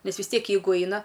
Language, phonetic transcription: Lithuanian, ˈnes vis ˈtiek ˈjeigu ˈaina

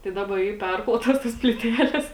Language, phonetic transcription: Lithuanian, tai ˈdaba ˈy ˈperklotas tas plyˈtelės

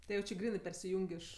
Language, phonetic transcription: Lithuanian, ti ˈjau ˈči ˈgrynɜ persiˈjung' ˈiš

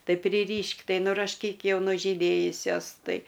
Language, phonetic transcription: Lithuanian, ˈtai priˈryš'k' ˈtai nurašˈkyk ˈjau nužyˈdėjusios ˈtai

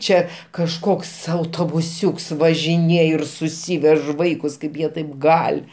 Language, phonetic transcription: Lithuanian, ˈčia kažˈkoks autobuˈsiūks važiˈnėj ir suˈsyvež ˈvaikus ˈkaip jie ˈtaip ˈgal'

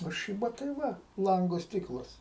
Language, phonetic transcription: Lithuanian, o ˈšyba tai ˈva ˈlango ˈstiklas

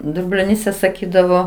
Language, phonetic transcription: Lithuanian, dublioˈnyse saˈkydavo

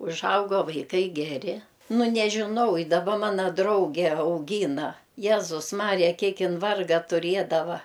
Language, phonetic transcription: Lithuanian, užˈaugo vaiˈkai geˈri ˈnu nežiˈnau i daˈba ˈmana ˈdrauge auˈgyna ˈjezus ˈmarija ˈkiek ˈin ˈvarga tuˈriedava

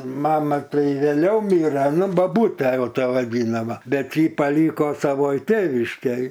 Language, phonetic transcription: Lithuanian, ˈmama ˈtai vėˈliau ˈmire ˈnu baˈbūte ˈjau ˈta vaˈdynama ˈbet ji paˈlyko saˈvoj ˈtėviškėj

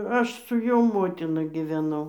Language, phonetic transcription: Lithuanian, ˈaš su ˈjo ˈmotina giveˈnau

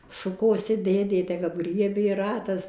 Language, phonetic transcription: Lithuanian, ˈsukosi ˈdėdė te kap ˈgriebė ˈratas

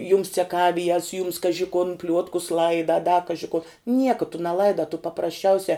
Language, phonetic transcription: Lithuanian, jums ceˈkavijas jums ˈkaži kun ˈpliuotkus ˈlaida a da ˈkaži kuo ˈnieka tu neˈlaida tu paprasˈčiausia

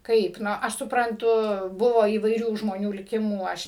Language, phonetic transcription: Lithuanian, ˈkaip ˈnu ˈaš supranˈtu ˈbuvo įvaiˈrių žmoˈnių liˈkimų ˈaš

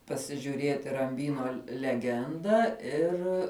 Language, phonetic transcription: Lithuanian, pasižiuˈrėti ramˈbyno leˈgendą ˈir

